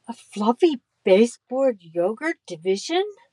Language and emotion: English, fearful